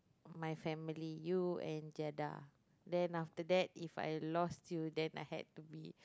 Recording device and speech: close-talking microphone, conversation in the same room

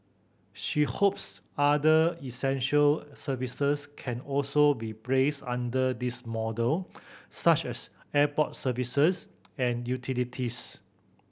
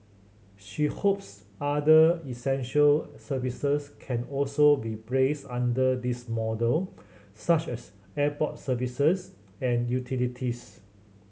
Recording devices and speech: boundary microphone (BM630), mobile phone (Samsung C7100), read sentence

